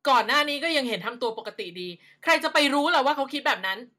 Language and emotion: Thai, angry